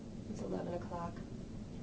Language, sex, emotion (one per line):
English
female
neutral